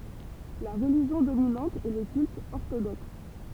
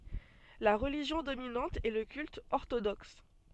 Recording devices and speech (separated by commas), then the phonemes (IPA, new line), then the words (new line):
temple vibration pickup, soft in-ear microphone, read sentence
la ʁəliʒjɔ̃ dominɑ̃t ɛ lə kylt ɔʁtodɔks
La religion dominante est le culte orthodoxe.